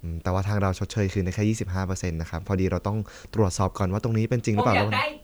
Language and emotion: Thai, neutral